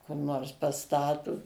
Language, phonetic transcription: Lithuanian, kur ˈnors paˈstatu

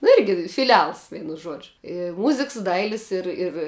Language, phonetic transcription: Lithuanian, nu ˈirgi fiˈlials ˈveinu ˈžuodžiu i ˈmuziks ˈdailis ˈir ir

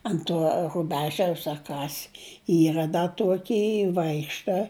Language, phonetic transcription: Lithuanian, ant ˈtuo ruˈbežiaus a ˈkas ˈyra da ˈtuoky ˈvaikšta

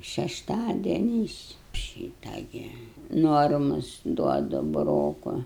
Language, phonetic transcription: Lithuanian, šešˈtadieniais ˈšyta gi ˈnormus ˈduodu buˈroku

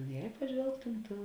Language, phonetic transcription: Lithuanian, je paˈžvelgtum ˈtu

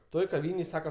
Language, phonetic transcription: Lithuanian, ˈtoj kaˈvynėj ˈsaka

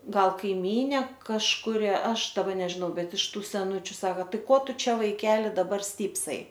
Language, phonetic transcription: Lithuanian, ˈgal kaiˈmynė kažkuˈri ˈaš daˈba nežiˈnau ˈbet iš ˈtų seˈnučiu ˈsaka ˈtai ˈko ˈtu ˈčia vaiˈkeli daˈbar ˈstypsai

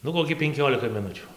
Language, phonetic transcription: Lithuanian, ˈnu koˈkį penˈkiolika miˈnutių

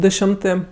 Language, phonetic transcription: Lithuanian, ˈdu ˈšimtɜ

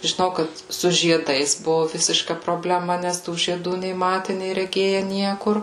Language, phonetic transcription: Lithuanian, žiˈnau ˈkad su žieˈdais ˈbuvu ˈvisiška probleˈma ˈnes tų žieˈdų nei ˈmate nei reˈgėje ˈniekur

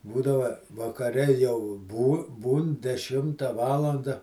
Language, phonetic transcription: Lithuanian, ˈbūdava vakaˈre jau bū ˈbūn deˈšimta ˈvalanda

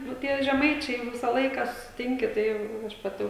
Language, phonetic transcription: Lithuanian, nu ˈtie žeˈmaičiai jau ˈvisą ˈlaiką susiˈtinki tai jau ˈjau aš paˈti

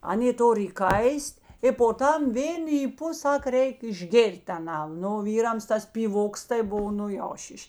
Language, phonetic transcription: Lithuanian, ˈaˌnė ˈtor įˈkais't' i po ˈtam ˈvėn yˈpu ˈsak ˈreik išˈgėr't' aˈnan ˈnu o ˈvyrams ˈtas pyˈvoks tai ˈbuv ˈnu jau ˈšyš'

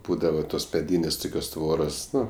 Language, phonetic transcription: Lithuanian, ˈbūdava tos meˈdynės' ˈtukios ˈtvoros ˈnu

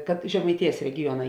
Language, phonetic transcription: Lithuanian, kad žemaiˈtėjas regiˈjuona

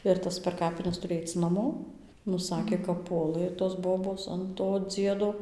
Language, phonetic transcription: Lithuanian, ir ˈtas per ˈkapines ˈturi ˈaic naˈmo nu ˈsakė kap ˈpuolɘ tos ˈbobos an to ˈdziedo

